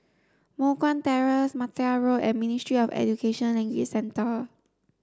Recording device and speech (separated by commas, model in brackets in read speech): standing microphone (AKG C214), read sentence